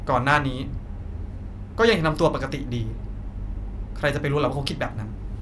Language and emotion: Thai, frustrated